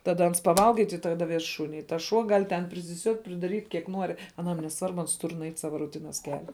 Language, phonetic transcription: Lithuanian, taˈda ˈans paˈvalga i tik taˈda ˈves ˈšūni i tas ˈšuo ˈgal' ten prisiˈsiuot' pridaˈryt' kiek ˈnuori aˈnam neˈsvarbu ˈans ˈtur nuˈeit ˈsava ruˈtinas ˈkelia

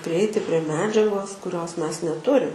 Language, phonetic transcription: Lithuanian, priˈeiti prie ˈmedžiagos kuˈrios ˈmes neˈturim

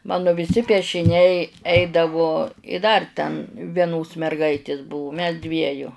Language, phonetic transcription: Lithuanian, ˈmanu viˈsi piešiˈniai ˈeidavo i 'dar ten vieˈnos merˈgaitės ˈbuvu mes ˈdvieju

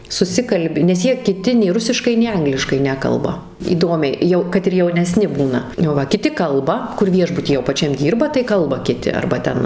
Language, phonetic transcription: Lithuanian, suˈsikalbi nes ˈjie kiˈti nei ˈrusiškai nei ˈangliškai ˈnekalba įˈdomiai ˈjau kad ir jauneˈsni ˈbūna o ˈva kiˈti ˈkalba kur ˈviešbuty jau paˈčiam ˈdyrba tai ˈkalba kiˈti arba ˈten

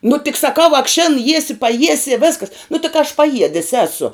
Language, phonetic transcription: Lithuanian, nu tik saˈkau ak šin ˈjiesi paˈjiesi i ˈvėskas nu ti ka aš paˈjiedis ˈesu

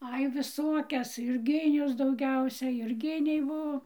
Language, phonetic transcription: Lithuanian, ˈai viˈsokias jurˈginius dauˈgiausia jurˈginiai ˈbuo

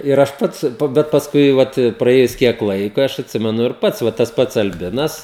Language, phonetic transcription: Lithuanian, ir ˈaš ˈpats bet pasˈkui ˈvat praˈėjus ˈkiek ˈlaiko ˈaš atˈsimenu ir ˈpats ˈva tas ˈpats alˈbinas

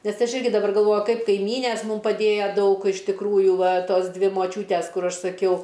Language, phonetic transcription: Lithuanian, nes ˈaš ˈirgi daˈbar galˈvoju ˈkaip kaiˈmynės ˈmum paˈdėjo ˈdaug iš tikˈrųju ˈva ˈtos ˈdvi moˈčiūtes ˈkur ˈaš saˈkiau

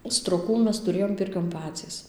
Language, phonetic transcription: Lithuanian, stroˈkų ˈmes tuˈrėjom ˈpirkion ˈpacys

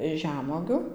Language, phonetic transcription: Lithuanian, ˈžemuogiu

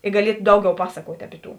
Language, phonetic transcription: Lithuanian, i gaˈliet ˈdauˌgiau ˈpasakuot' ˈapi ˌtų

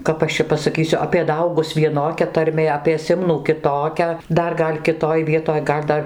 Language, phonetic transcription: Lithuanian, ˈkap aš čia pasaˈkysiu apie ˈdaugus vieˈnokia tarˈmė apie ˈsimnų kiˈtokia ˈdar ˈgal' kiˈtoj ˈvietoj ˈgal' ˈdar

